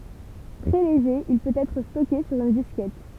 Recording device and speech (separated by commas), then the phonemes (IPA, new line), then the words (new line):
temple vibration pickup, read sentence
tʁɛ leʒe il pøt ɛtʁ stɔke syʁ yn diskɛt
Très léger, il peut être stocké sur une disquette.